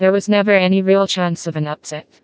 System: TTS, vocoder